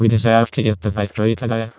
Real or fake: fake